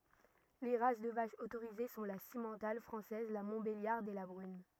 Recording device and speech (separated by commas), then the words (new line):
rigid in-ear microphone, read sentence
Les races de vaches autorisées sont la simmental française, la montbéliarde et la brune.